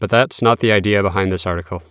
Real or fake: real